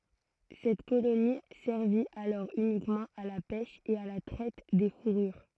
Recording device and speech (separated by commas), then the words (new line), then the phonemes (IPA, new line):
throat microphone, read sentence
Cette colonie servit alors uniquement à la pêche et à la traite des fourrures.
sɛt koloni sɛʁvi alɔʁ ynikmɑ̃ a la pɛʃ e a la tʁɛt de fuʁyʁ